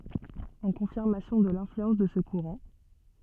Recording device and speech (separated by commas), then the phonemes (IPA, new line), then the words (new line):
soft in-ear microphone, read sentence
ɑ̃ kɔ̃fiʁmasjɔ̃ də lɛ̃flyɑ̃s də sə kuʁɑ̃
En confirmation de l'influence de ce courant,